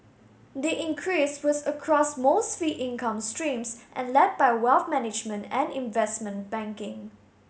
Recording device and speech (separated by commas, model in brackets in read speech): mobile phone (Samsung S8), read sentence